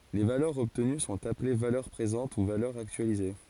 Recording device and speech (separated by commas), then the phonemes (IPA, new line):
forehead accelerometer, read sentence
le valœʁz ɔbtəny sɔ̃t aple valœʁ pʁezɑ̃t u valœʁz aktyalize